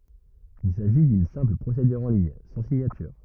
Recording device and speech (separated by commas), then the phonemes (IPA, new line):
rigid in-ear microphone, read sentence
il saʒi dyn sɛ̃pl pʁosedyʁ ɑ̃ liɲ sɑ̃ siɲatyʁ